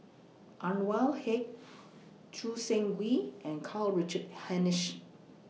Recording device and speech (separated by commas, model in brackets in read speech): mobile phone (iPhone 6), read sentence